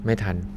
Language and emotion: Thai, neutral